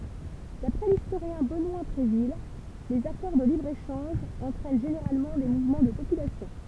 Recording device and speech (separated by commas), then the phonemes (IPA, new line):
temple vibration pickup, read sentence
dapʁɛ listoʁjɛ̃ bənwa bʁevil lez akɔʁ də libʁ eʃɑ̃ʒ ɑ̃tʁɛn ʒeneʁalmɑ̃ de muvmɑ̃ də popylasjɔ̃